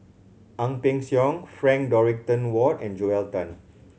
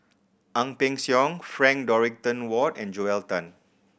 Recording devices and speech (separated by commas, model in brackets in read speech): mobile phone (Samsung C7100), boundary microphone (BM630), read sentence